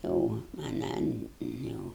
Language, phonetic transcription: Lithuanian, o aˈnan jau

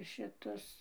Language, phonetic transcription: Lithuanian, šiˈtus

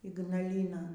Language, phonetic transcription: Lithuanian, ygnaˈlynon

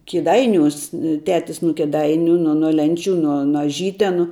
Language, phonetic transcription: Lithuanian, kiˈdainiūs ˈtetis nu kiˈdainiu nu nu ˈlenˌčių ˈnu no aˈžytenu

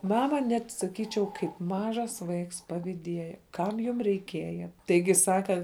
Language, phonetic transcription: Lithuanian, ˈmama ˈnet saˈkyčiau kaip ˈmažas ˈvaiks paviˈdieja ˈkam jum reiˈkieja ˈtaigi ˈsaka

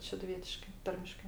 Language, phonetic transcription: Lithuanian, šeduˈvietiškai ˈtarmiškai

